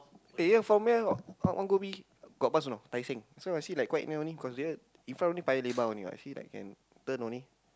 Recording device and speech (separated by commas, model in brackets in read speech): close-talking microphone, conversation in the same room